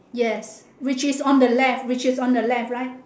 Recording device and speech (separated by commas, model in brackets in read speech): standing microphone, conversation in separate rooms